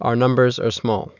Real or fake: real